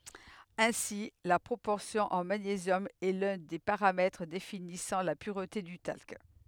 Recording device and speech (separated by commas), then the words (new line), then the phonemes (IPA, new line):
headset microphone, read sentence
Ainsi, la proportion en magnésium est l'un des paramètres définissant la pureté du talc.
ɛ̃si la pʁopɔʁsjɔ̃ ɑ̃ maɲezjɔm ɛ lœ̃ de paʁamɛtʁ definisɑ̃ la pyʁte dy talk